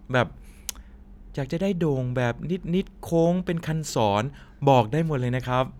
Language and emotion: Thai, happy